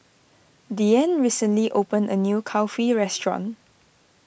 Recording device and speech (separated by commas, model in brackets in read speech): boundary microphone (BM630), read sentence